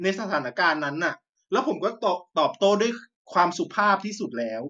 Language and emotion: Thai, frustrated